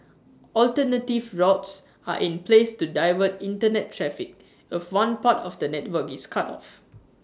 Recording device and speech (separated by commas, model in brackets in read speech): standing microphone (AKG C214), read sentence